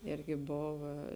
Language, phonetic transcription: Lithuanian, ˈirgi ˈbova

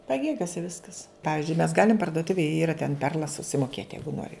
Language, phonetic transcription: Lithuanian, paˈgėgiose ˈviskas ˈpavizdžiui mes ˈgalim pardoˈtuvėj ˈyra ten ˈperlas susimoˈkėt ˈjeigu ˈnori

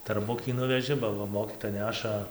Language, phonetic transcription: Lithuanian, tarˈbukį ˈnuveži ba ˈva ˈmokytoja ˈneša

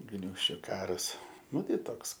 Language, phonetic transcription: Lithuanian, ˈgniūžčiu ˈkaras ˈnu ˈtai ˈtoks

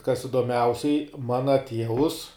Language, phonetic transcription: Lithuanian, kas idoˈmiausiai ˈmana ˈtievus

